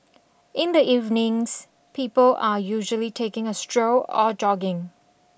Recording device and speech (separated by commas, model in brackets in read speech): boundary microphone (BM630), read sentence